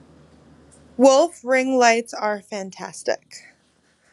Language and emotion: English, disgusted